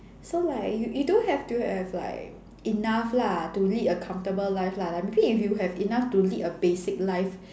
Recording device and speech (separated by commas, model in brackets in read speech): standing microphone, conversation in separate rooms